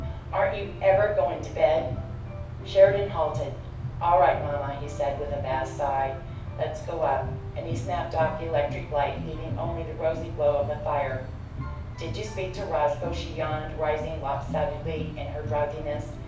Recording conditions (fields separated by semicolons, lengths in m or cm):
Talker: one person; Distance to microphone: 5.8 m; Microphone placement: far; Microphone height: 1.8 m; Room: medium-sized (5.7 m by 4.0 m); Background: music